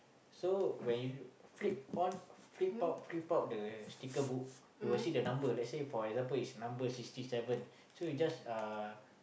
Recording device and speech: boundary microphone, conversation in the same room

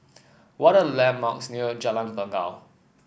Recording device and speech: boundary microphone (BM630), read sentence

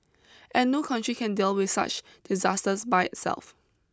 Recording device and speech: close-talking microphone (WH20), read sentence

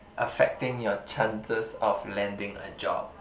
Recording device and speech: boundary microphone, conversation in the same room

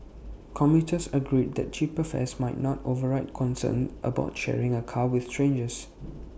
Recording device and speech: boundary microphone (BM630), read sentence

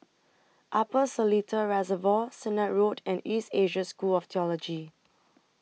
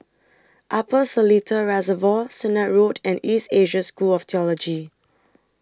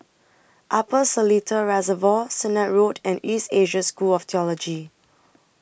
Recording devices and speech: mobile phone (iPhone 6), standing microphone (AKG C214), boundary microphone (BM630), read sentence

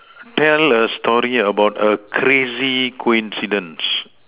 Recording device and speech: telephone, conversation in separate rooms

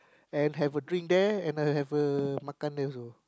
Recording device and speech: close-talking microphone, conversation in the same room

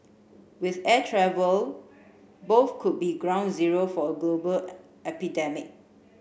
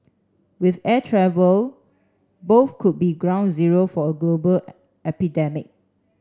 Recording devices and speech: boundary microphone (BM630), standing microphone (AKG C214), read sentence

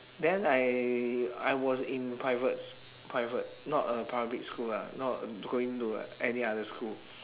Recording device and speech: telephone, conversation in separate rooms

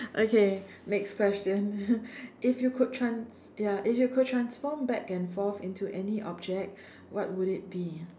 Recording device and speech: standing microphone, conversation in separate rooms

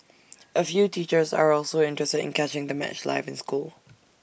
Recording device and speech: boundary microphone (BM630), read sentence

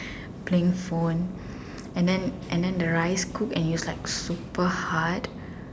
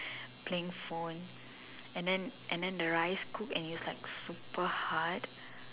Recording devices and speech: standing microphone, telephone, conversation in separate rooms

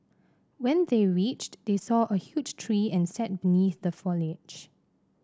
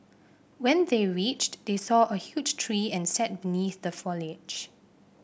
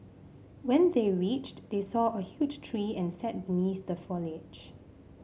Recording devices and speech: standing microphone (AKG C214), boundary microphone (BM630), mobile phone (Samsung C5), read sentence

